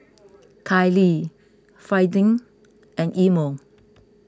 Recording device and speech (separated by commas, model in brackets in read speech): close-talking microphone (WH20), read sentence